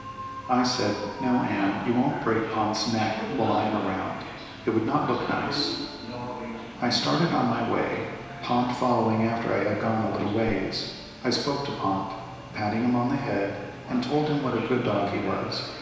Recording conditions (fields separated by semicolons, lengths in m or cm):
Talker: one person; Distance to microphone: 1.7 m; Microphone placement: close; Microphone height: 1.0 m; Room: very reverberant, large; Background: television